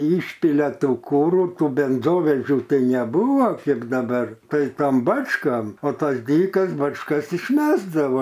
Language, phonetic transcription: Lithuanian, ˈyšpilia ˈtų ˈkūrų ˈtų benˈzovežių ˈtai neˈbūvo ˈkėp daˈbar ˈtai ˈtan ˈbačkan o ˈtas ˈdykas bačˈkas išˈmesdava

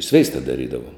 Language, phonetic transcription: Lithuanian, ˈsveista daˈrydavom

